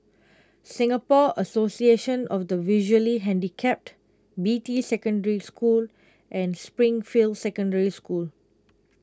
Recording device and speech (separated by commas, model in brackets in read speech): close-talking microphone (WH20), read sentence